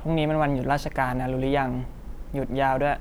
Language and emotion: Thai, neutral